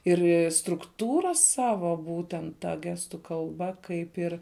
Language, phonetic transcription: Lithuanian, ˈir' strukˈtūra ˈsavo ˈbūtent ˈta ˈgestu kalˈba ˈkaip ir

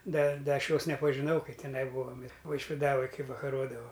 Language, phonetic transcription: Lithuanian, ˈda ˈda ˈaš ˈjos nepažiˈnau kai teˈnai ˈbūom vaišviˈdavaj ˈkai vakaˈrodavau

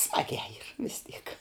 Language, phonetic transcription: Lithuanian, ˈsmagiā yr vis tyk

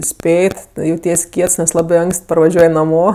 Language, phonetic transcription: Lithuanian, ˈspėt' jauˈties ˈkiets nes ˈlabɜ ˈanks't' parvaˈžiuoj naˈmo

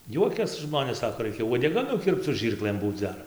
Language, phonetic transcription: Lithuanian, ˈjuokias ˈžmonės ˈsako ˈraikia uodeˈga nuˈkirpc su ˈžyrklɘm ˈbūc ˈdar

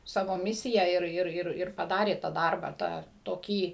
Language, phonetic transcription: Lithuanian, ˈsavo ˈmisija ir ˈir ˈir ˈir paˈdarė tą ˈdarbą ˈtą toˈkį

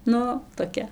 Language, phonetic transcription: Lithuanian, ˈnu toˈkia

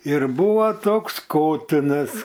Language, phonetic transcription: Lithuanian, ir ˈbūva ˈtoks ˈkotinas

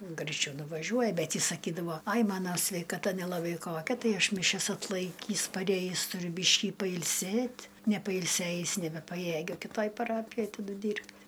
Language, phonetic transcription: Lithuanian, graiˈčiau nuvaˈžiuoja ˈbet ˈjis saˈkydavo ai ˈmano sveikaˈta nelaˈbai ˈkokia ˈtai ˈaš miˈšias atˈlaikįs paˈrėjįs tuˈriu ˈbyškį pailˈsėt' nepailˈsėjis nebepaˈjėgiu kiˈtoj paˈrapijoj taˈdu ˈdyrbt'

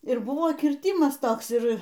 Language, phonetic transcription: Lithuanian, ir ˈbuvo ˈkyrtimas ˈtoks ˈir

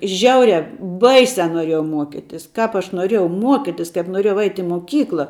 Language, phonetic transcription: Lithuanian, ˈžiauria ˈbaisia noˈriejau ˈmuokitis ˈkap aš noˈriejau ˈmuokitis kaip noˈriejau ait' i moˈkykla

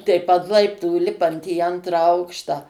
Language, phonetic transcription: Lithuanian, teip ant ˈlaiptų ˈlipant į ˈantrą ˈaukštą

